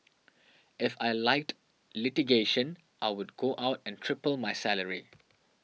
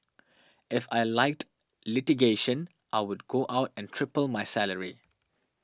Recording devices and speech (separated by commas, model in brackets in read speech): mobile phone (iPhone 6), standing microphone (AKG C214), read sentence